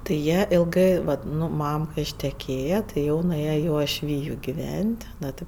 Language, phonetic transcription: Lithuanian, tai ˈjie ilˈgɜ ˈvat ˈnu ˈmam kai išteˈkėja tai ˈjau nuˈėja i uošˈvyju giˈvent' ˈno ti

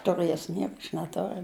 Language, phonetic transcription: Lithuanian, tuˈrɘs ˈnieku aš neˈtoriu

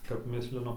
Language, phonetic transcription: Lithuanian, kap ˈmislinu

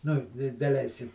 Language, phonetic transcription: Lithuanian, nu i daˈleiskim

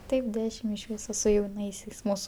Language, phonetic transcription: Lithuanian, ˈtaip ˈdešim iš ˈvyso su jauˈnaisiais ˈmūsu

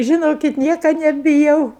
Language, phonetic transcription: Lithuanian, žiˈnokit ˈnieka nebiˈjau

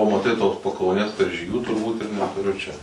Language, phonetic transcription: Lithuanian, o maˈtai tos pakauˈnės karžyˈgių turˈbūt ir netuˈriu čia

